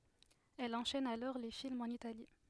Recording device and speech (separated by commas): headset microphone, read sentence